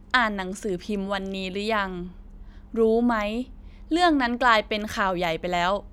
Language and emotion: Thai, frustrated